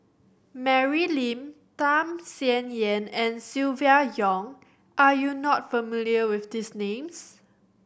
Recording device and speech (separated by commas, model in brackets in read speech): boundary microphone (BM630), read sentence